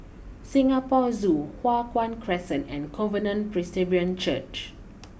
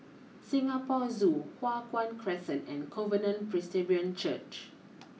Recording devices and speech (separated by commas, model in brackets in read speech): boundary microphone (BM630), mobile phone (iPhone 6), read sentence